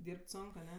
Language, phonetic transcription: Lithuanian, ˈdyrb't' ˈsonk aˈne

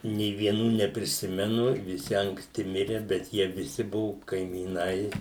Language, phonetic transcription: Lithuanian, nė vieˈnų nepriˈsimenu viˈsi ankˈsti ˈmire bet ˈjie viˈsi ˈbuvu kaimyˈnai

